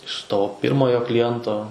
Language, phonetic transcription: Lithuanian, iš ˈto ˈpirmojo kliˈjento

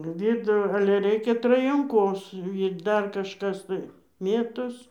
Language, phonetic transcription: Lithuanian, ˈvidu ale ˈreikia trajanˈkos ir ˈdar kažˈkas tai ˈmėtos

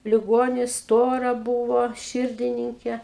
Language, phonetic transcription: Lithuanian, liˈgonis ˈstora ˈbūvo ˈširdininkė

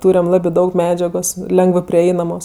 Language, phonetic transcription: Lithuanian, ˈturem ˈlabɜ ˈdaug ˈmedžiagos ˈlengvɜ priˈeinamos

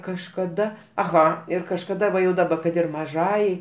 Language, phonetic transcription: Lithuanian, kažkaˈda aˈha ir kažkaˈda va jau daˈba kad ir maˈžajai

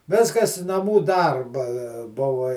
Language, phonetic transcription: Lithuanian, ˈviskas naˈmų ˈdarba ˈbuva

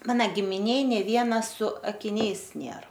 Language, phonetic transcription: Lithuanian, ˈmana gimiˈnėj nė ˈviena su akiˈniais ˈnėr

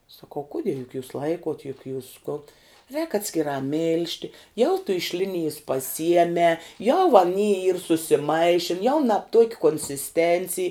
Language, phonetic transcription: Lithuanian, saˈkau ˈkudie juk jūs ˈlaikot juk jūs kun rēk atskiˈrā ˈmil'žti jau tu iš ˈlinijis paˈsiemē jau aˈny yr susiˈmaišin jau nab tuok' konsisˈtencij

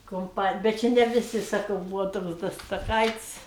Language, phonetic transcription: Lithuanian, kumˈpanij bet ˈči ne viˈsi saˈkau ˈbūvo ˈtoks da staˈkaits'

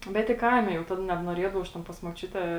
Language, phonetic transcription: Lithuanian, ˈbet i ˈkaime jau ˈtad nebnuoˈriedavau aš ˈten pas muoˈčiute

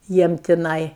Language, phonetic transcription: Lithuanian, ˈjiem tiˈnai

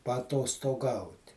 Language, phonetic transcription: Lithuanian, paatostoˈgaut'

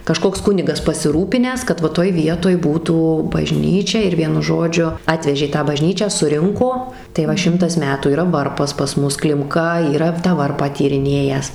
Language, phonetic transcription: Lithuanian, kaˈžkoks ˈkunigas pasiˈrūpinęs kad ˈva ˈtoj ˈvietoj ˈbūtų baˈžnyčia ir ˈvienu ˈžodžiu ˈatvežė ˈtą baˈžnyčią suˈrinko tai ˈva ˈšimtas ˈmetų yˈra ˈvarpas pas ˈmus klimˈka yˈra tą ˈvarpą tyriˈnėjęs

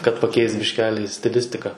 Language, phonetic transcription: Lithuanian, kad paˈkeist bišˈkeli stiˈlistika

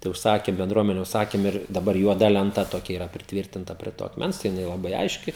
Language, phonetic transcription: Lithuanian, tai užˈsakė benˈdruomene užˈsakėm ir daˈbar juoˈda lenˈta toˈkia yˈra pritˈvyrtinta prie ˈto akˈmens tai jiˈnai laˈbai ˈaiški

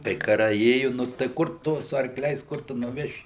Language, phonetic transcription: Lithuanian, kai kaˈrai ˈėju nu tai ˈkur ˈtu su arkˈliais ˈkur tu nuˈveši

